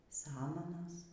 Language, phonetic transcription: Lithuanian, ˈsamanos

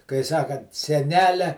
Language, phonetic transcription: Lithuanian, kai ˈsakant seˈnelia

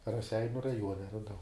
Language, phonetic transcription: Lithuanian, raˈseiniu raˈjuone raˈdau

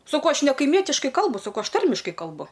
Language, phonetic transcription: Lithuanian, saˈkau ˈaš nekaiˈmietiškai ˈkalbu saˈkau ˈaš ˈtarmiškai kalˈbu

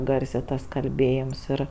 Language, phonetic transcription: Lithuanian, ˈgarsė ˈtas kalˈbėjims ˈir

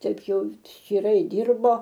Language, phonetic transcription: Lithuanian, ˈtaip ˈjau ščyˈrai ˈdyrbo

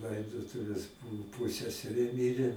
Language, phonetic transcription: Lithuanian, ˈlaidotuvės ˈbuvu ˈpuseserė ˈmirė

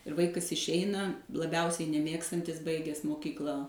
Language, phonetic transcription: Lithuanian, ir ˈvaikas išˈeina laˈbiausiai neˈmėgstantis ˈbaiges moˈkykla

